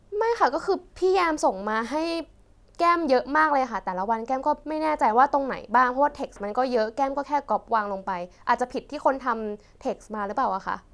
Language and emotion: Thai, neutral